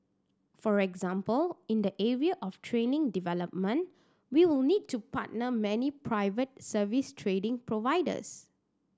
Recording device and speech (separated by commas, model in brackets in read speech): standing microphone (AKG C214), read sentence